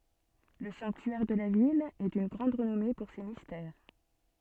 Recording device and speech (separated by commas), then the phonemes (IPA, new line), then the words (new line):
soft in-ear microphone, read sentence
lə sɑ̃ktyɛʁ də la vil ɛ dyn ɡʁɑ̃d ʁənɔme puʁ se mistɛʁ
Le sanctuaire de la ville est d'une grande renommée pour ses Mystères.